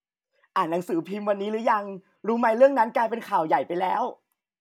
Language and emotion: Thai, happy